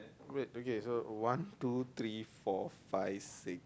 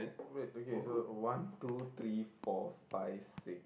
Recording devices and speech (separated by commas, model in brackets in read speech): close-talking microphone, boundary microphone, conversation in the same room